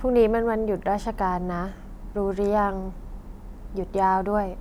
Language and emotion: Thai, neutral